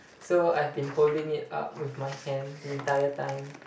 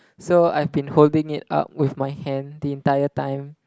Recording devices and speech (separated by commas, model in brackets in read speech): boundary microphone, close-talking microphone, conversation in the same room